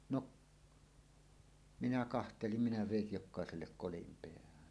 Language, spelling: Finnish, no minä katselin minä vedin jokaiselle kolin päähän
- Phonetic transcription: 'noˀ , minä 'kahtelim minä "vèij "jok̆kàesellek 'kolim peähän .

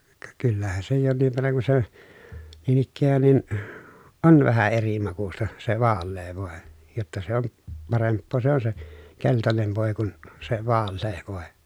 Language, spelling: Finnish, ka kyllähän se jonkin verran kun se niin ikään niin on vähän eri makuista se vaalea voi jotta se on parempaa se on se keltainen voi kuin se vaalea voi
- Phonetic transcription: ka kyllähä se jonniv verraŋ ku se , niin ‿ikkään nin , on vähä eri makusta , se vaallee vòe , jotta se on , paremppoo se ‿on se , keltanen vòi̮ kun , se vaallee vòe .

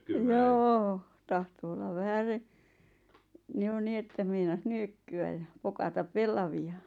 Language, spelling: Finnish, joo tahtoi olla vähäsen niin jo niin että meinasi nyökkyä ja pokata pellavia
- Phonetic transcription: joo , 'tahto olla "vähäse , ⁿⁱ˘ʲᵒ 'niettä meinas "nyökky₍äʲ ja , 'pokataᵖ "pellavi₍a .

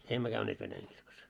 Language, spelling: Finnish, emme käyneet venäjänkirkossa
- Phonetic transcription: 'emmö käyneet venäjäŋɢirkos .

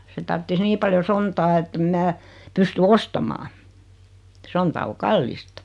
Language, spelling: Finnish, se tarvitsisi niin paljon sontaa että en minä pysty ostamaan sonta on kallista
- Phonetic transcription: 'se tarttis 'nii paljo "sontaa ettem 'mää , 'pysty "ostamaa , 'sonta o "kallista .

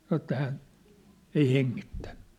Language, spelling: Finnish, sanoi että hän ei hengittänyt
- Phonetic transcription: sanŏ ĕttä hän , 'ei 'heŋŋittᴀ̈ɴ .

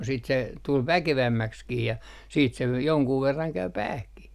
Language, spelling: Finnish, sitten se tuli väkevämmäksikin ja sitten se jonkun verran kävi päähänkin
- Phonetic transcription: siit se tul "väkevämmäkskii ja , siit se 'joŋkuu 'verraŋ 'käy "päähkih .

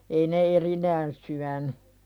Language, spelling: Finnish, ei ne erikseen syönyt
- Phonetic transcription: ei ne 'erinään syäny .

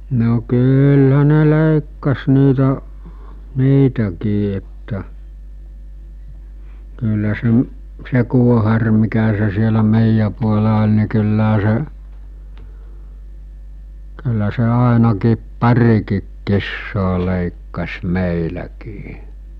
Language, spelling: Finnish, no kyllähän ne leikkasi niitä niitäkin että kyllä se se kuohari mikä se siellä meidän puolella oli niin kyllähän se kyllä se ainakin parikin kissaa leikkasi meilläkin
- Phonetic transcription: no 'kyylhä ne 'lèikkas niitä , 'niitäkii että , kyllä se’ , 'se kuohar mikä se sielä 'mèijjä puola oĺ ní kylläɦä se , kyllä se 'àenakiip "pariki̳k 'kissoo 'lèikkas 'mèiläkii .

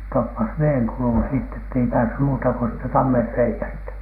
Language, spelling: Finnish, se toppasi veden kulun sitten että ei päässyt muuta kuin siitä tammenreiästä
- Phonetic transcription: se 'toppas 'veeŋ kulun sitt ‿ett ‿ei päässy muutako (siit)tä 'tammerrei₍ästä .

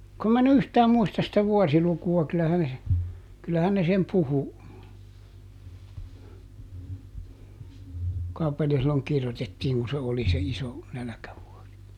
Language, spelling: Finnish, kun minä en yhtään muista sitä vuosilukua kyllähän se kyllähän ne sen puhui kuinkahan paljon silloin kirjoitettiin kun se oli se iso nälkävuosi
- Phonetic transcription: kum mä eˈn ‿yhtääm ˈmuistas sitä ˈvuɔsiluku₍a kylähän se , ˈkyllähän ne sem ˈpuhu , [kuin]kaha paljo silloŋ ˈkirjotettiiŋ ku se oli se "iso , ˈnäläkävuɔsi .

